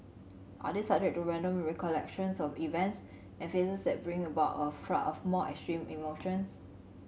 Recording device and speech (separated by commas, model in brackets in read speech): mobile phone (Samsung C7100), read sentence